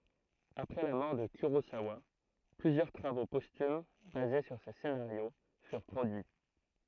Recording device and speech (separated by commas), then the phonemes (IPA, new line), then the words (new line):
throat microphone, read sentence
apʁɛ la mɔʁ də kyʁozawa plyzjœʁ tʁavo pɔstym baze syʁ se senaʁjo fyʁ pʁodyi
Après la mort de Kurosawa, plusieurs travaux posthumes basés sur ses scénarios furent produits.